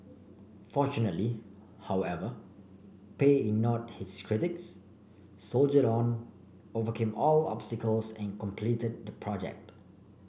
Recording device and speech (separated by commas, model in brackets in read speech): boundary microphone (BM630), read sentence